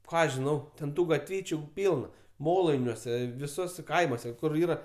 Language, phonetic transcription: Lithuanian, ˈką žiˈnau ten ˈtų gatˈvyčiu ˈpylna ˈmolainiuose viˈsuose ˈkaimuose ˈkur ˈyra

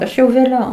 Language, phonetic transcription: Lithuanian, ˈaš jau vėˈliau

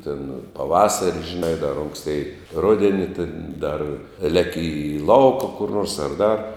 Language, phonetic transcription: Lithuanian, tin paˈvasari žiˈnai dar ˈonkstėi ˈrudeni tin dar ˈleki i ˈlauka kur nors ar ˈdar

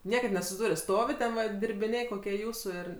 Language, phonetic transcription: Lithuanian, ˈniekad nesusiˈdūrio ˈstovi ten va dirbiˈnė koˈkie ˈjūsu ˈir

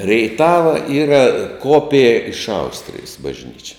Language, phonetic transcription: Lithuanian, reiˈtava ˈyra ˈkopija iš ˈaustrijis bažˈnyčia

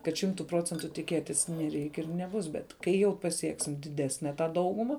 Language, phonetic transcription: Lithuanian, kad ˈšimtu ˈprocentu tiˈkėtis neˈreik' ir neˈbus bet ˈkai jau paˈsieksim diˈdesne tą ˈdauguma

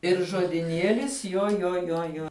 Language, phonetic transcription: Lithuanian, ir žodiˈnielis jo jo jo ˈjo

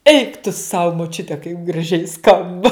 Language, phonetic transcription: Lithuanian, eik tu sau moˈčiute kaip graˈžiai ˈskamba

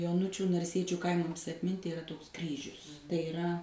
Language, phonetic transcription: Lithuanian, joˈnučių narˈsiečiu ˈkaimams atˈminti iˈra toks ˈkryžius tai iˈra

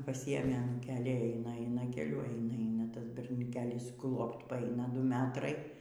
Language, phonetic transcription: Lithuanian, paˈsiėmė anūˈkėlį ˈeina ˈeina keˈliu ˈeina ˈeina ˈtas berniuˈkėlis ˈklopt paˈaina ˈdu ˈmetrai

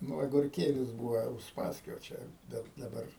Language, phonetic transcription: Lithuanian, ˈnu agurˈkėlis ˈbūva usˈpaskio ˈčia ˈbet daˈbar

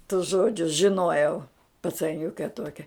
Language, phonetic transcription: Lithuanian, tus ˈžodžius žiˈnojau pacaˈniuke ˈtuokia

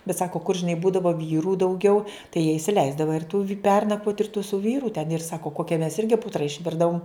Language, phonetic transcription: Lithuanian, bet ˈsako kur žiˈnai ˈbūdavo ˈvyru dauˈgiau tai jie isiˈleisdava ir tu vi ˈpernakvot ir tu su ˈvyru ten ir ˈsako ˈkokia mes ˈirgi ˈputra išˈvirdavum

